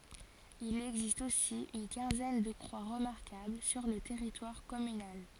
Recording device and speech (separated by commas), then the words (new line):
forehead accelerometer, read sentence
Il existe aussi une quinzaine de croix remarquables sur le territoire communal.